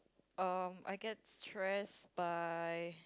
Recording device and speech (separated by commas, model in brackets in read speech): close-talking microphone, conversation in the same room